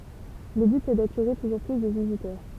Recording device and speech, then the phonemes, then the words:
temple vibration pickup, read sentence
lə byt ɛ datiʁe tuʒuʁ ply də vizitœʁ
Le but est d'attirer toujours plus de visiteurs.

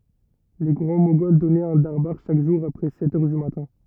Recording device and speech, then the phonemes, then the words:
rigid in-ear microphone, read sentence
le ɡʁɑ̃ moɡɔl dɔnɛt œ̃ daʁbaʁ ʃak ʒuʁ apʁɛ sɛt œʁ dy matɛ̃
Les Grands Moghols donnaient un darbâr chaque jour après sept heures du matin.

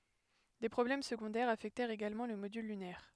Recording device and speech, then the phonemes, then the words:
headset microphone, read sentence
de pʁɔblɛm səɡɔ̃dɛʁz afɛktɛʁt eɡalmɑ̃ lə modyl lynɛʁ
Des problèmes secondaires affectèrent également le module lunaire.

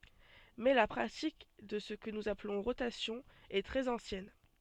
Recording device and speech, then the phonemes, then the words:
soft in-ear microphone, read sentence
mɛ la pʁatik də sə kə nuz aplɔ̃ ʁotasjɔ̃ ɛ tʁɛz ɑ̃sjɛn
Mais la pratique de ce que nous appelons rotation est très ancienne.

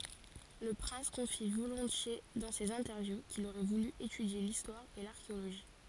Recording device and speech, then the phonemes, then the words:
forehead accelerometer, read sentence
lə pʁɛ̃s kɔ̃fi volɔ̃tje dɑ̃ sez ɛ̃tɛʁvju kil oʁɛ vuly etydje listwaʁ e laʁkeoloʒi
Le prince confie volontiers dans ses interviews qu'il aurait voulu étudier l'histoire et l'archéologie.

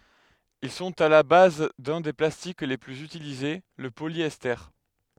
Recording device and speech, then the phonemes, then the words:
headset microphone, read sentence
il sɔ̃t a la baz dœ̃ de plastik le plyz ytilize lə poljɛste
Ils sont à la base d'un des plastiques les plus utilisés, le polyester.

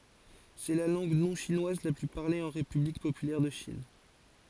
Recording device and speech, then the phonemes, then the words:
forehead accelerometer, read sentence
sɛ la lɑ̃ɡ nɔ̃ʃinwaz la ply paʁle ɑ̃ ʁepyblik popylɛʁ də ʃin
C'est la langue non-chinoise la plus parlée en République populaire de Chine.

